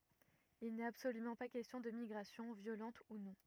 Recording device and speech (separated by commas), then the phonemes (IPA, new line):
rigid in-ear microphone, read sentence
il nɛt absolymɑ̃ pa kɛstjɔ̃ də miɡʁasjɔ̃ vjolɑ̃t u nɔ̃